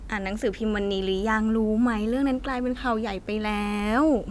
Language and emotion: Thai, happy